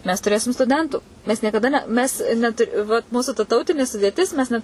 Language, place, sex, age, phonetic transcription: Lithuanian, Suvalkija, female, 18-60, mes tuˈrėsim stuˈdentų ˈmes niekaˈda ne ˈmes neˈtur' vat ˈmūsu ta ˈtautini sudėˈtis mes ˈnet

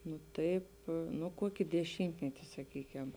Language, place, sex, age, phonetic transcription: Lithuanian, Žemaitija, female, 18-60, nu ˈtaip ˈnu ˈkuoki deˈšymtmeti saˈkykem

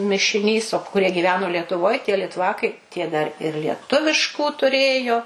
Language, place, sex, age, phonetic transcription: Lithuanian, Suvalkija, female, 60+, mišiˈnys o kuˈrie gyˈveno lietuˈvoj tie litˈvakai tie dar ir lieˈtuviškų tuˈrėjo

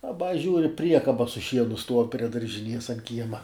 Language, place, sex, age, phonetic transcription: Lithuanian, Žemaitija, male, 18-60, aˈba ˈžiūri ˈpriekaba su ˈšienu stuov prie daržiˈnies an ˈkiema

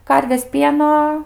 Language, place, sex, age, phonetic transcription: Lithuanian, Aukštaitija, female, 18-60, ˈkarvės ˈpieno

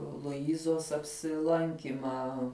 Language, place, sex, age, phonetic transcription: Lithuanian, Žemaitija, female, 18-60, luˈizos apsiˈlankymą

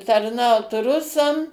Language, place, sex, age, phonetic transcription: Lithuanian, Suvalkija, female, 60+, tarˈnaut ˈrusam

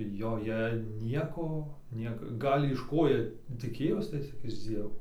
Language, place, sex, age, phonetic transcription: Lithuanian, Dzūkija, male, 18-60, joˈje ˈnieko ˈnieka ˈgal' iš ˈko ˈjie tiˈkėjos tai ˈcik iš ˈdzievo

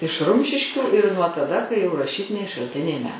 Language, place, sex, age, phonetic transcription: Lithuanian, Aukštaitija, female, 60+, iš ˈrumšiškių ir nuo taˈda kai jau raˈšytiniai šalˈtiniai me

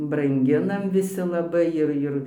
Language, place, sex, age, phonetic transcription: Lithuanian, Dzūkija, female, 60+, branˈginam viˈsi laˈbai ir ˈir

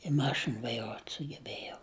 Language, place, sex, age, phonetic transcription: Lithuanian, Žemaitija, female, 60+, i ˈmašin vaiˈruot' sugeˈbejau

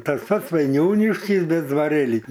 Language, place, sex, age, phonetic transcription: Lithuanian, Aukštaitija, male, 60+, ˈtas ˈpats vaiˈniūniškis ˈbet dvaˈrėlį

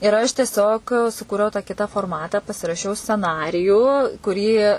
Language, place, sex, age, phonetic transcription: Lithuanian, Suvalkija, female, 18-60, ir aš tieˈsiog suˈkūriau tą ˈkita forˈmatą pasiraˈšiau sceˈnarijų kuˈrį

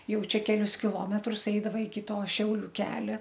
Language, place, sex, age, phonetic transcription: Lithuanian, Aukštaitija, female, 60+, ˈjau ˈčia keˈlius kiˈlometrus ˈeidava iki to ˈšiauliu ˈkelia

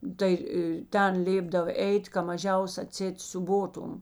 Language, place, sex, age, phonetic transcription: Lithuanian, Žemaitija, female, 60+, ˈtai i ˈten ˈlėpdav ˈeit' ka maˈžiaus aˈtseit siūˈbotum

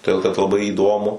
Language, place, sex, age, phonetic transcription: Lithuanian, Suvalkija, male, 18-60, toˈdėl kad laˈbai įˈdomu

